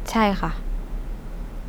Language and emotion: Thai, neutral